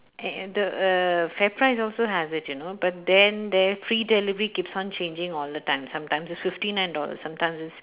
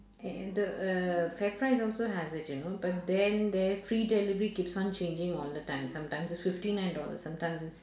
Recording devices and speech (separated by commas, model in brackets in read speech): telephone, standing microphone, conversation in separate rooms